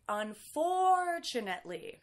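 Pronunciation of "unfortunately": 'Unfortunately' is pronounced correctly here, and the t sounds like a ch.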